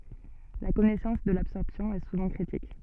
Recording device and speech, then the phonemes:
soft in-ear microphone, read sentence
la kɔnɛsɑ̃s də labsɔʁpsjɔ̃ ɛ suvɑ̃ kʁitik

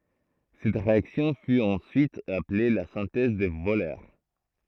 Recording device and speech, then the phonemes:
throat microphone, read sentence
sɛt ʁeaksjɔ̃ fy ɑ̃syit aple la sɛ̃tɛz də vølœʁ

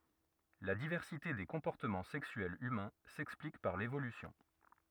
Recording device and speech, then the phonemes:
rigid in-ear microphone, read sentence
la divɛʁsite de kɔ̃pɔʁtəmɑ̃ sɛksyɛlz ymɛ̃ sɛksplik paʁ levolysjɔ̃

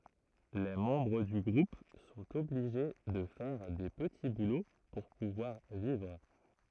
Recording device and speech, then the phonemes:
throat microphone, read sentence
le mɑ̃bʁ dy ɡʁup sɔ̃t ɔbliʒe də fɛʁ de pəti bulo puʁ puvwaʁ vivʁ

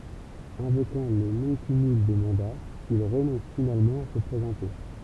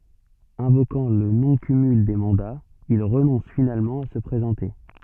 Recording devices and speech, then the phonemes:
temple vibration pickup, soft in-ear microphone, read sentence
ɛ̃vokɑ̃ lə nɔ̃ kymyl de mɑ̃daz il ʁənɔ̃s finalmɑ̃ a sə pʁezɑ̃te

